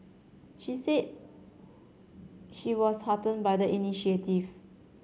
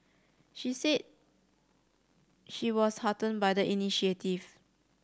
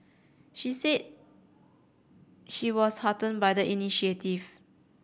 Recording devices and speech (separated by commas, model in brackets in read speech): mobile phone (Samsung C7100), standing microphone (AKG C214), boundary microphone (BM630), read sentence